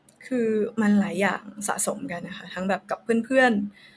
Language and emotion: Thai, frustrated